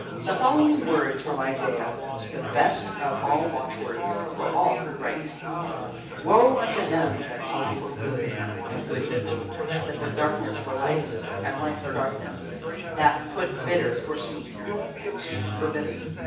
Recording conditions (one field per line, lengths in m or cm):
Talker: one person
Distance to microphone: 9.8 m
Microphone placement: far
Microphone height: 1.8 m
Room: large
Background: babble